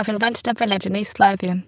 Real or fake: fake